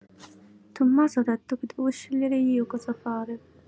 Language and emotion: Italian, sad